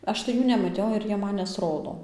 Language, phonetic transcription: Lithuanian, ˈaš tai ˈjų nemaˈtiau ir ˈjie ˈman nesˈrodo

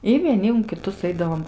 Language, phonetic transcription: Lithuanian, i vieˈni un kiˈtus ˈaidavom

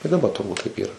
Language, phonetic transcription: Lithuanian, i daˈba turˈbūt taip ˈyra

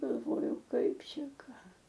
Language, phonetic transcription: Lithuanian, galˈvojau ˈkaip ˈšia ˈką

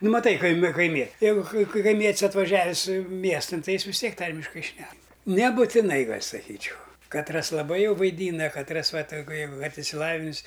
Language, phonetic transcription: Lithuanian, ˈnu maˈtai kaiˈmi kaiˈmie ˈjeigu kai kaiˈmiet's' atvaˈžiavis' ˈmiestan ˈtai ˈjis vis ˈtiek ˈtarmiškai ˈšnek nebutiˈnai ˈgal' saˈkyčiau katˈras laˈbai ˈjau vaiˈdyna katˈras ˈva tai gu jau vat išsiˈlavinis

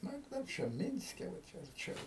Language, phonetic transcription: Lithuanian, ˈnu i ˈkaip čia ˈminske va ˈčia arˈčiau

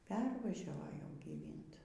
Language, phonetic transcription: Lithuanian, ˈpervažiavo jau gyˈvint

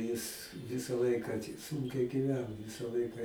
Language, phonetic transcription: Lithuanian, jis ˈvisa ˈlaiką ti ˈsunkiai gyˈveno ˈvisa ˈlaika

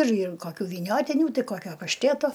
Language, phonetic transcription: Lithuanian, ir ir ˈkokių vyˈniotyniu ˈtai ˈkokio pašˈtėto

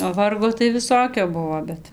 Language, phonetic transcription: Lithuanian, o ˈvargo tai viˈsokio ˈbuvo ˈbet

